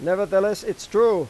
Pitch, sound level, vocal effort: 210 Hz, 98 dB SPL, loud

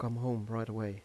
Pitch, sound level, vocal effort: 115 Hz, 82 dB SPL, soft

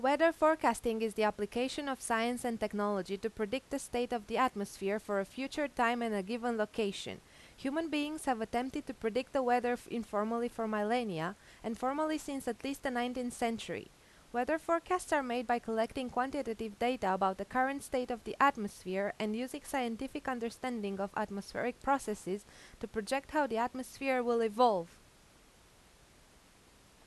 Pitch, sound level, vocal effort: 240 Hz, 87 dB SPL, loud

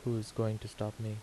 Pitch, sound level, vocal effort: 110 Hz, 78 dB SPL, soft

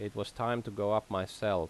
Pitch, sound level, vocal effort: 105 Hz, 85 dB SPL, normal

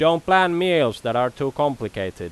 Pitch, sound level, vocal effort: 135 Hz, 94 dB SPL, very loud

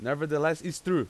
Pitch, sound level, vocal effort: 160 Hz, 95 dB SPL, very loud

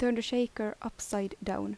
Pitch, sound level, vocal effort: 230 Hz, 79 dB SPL, soft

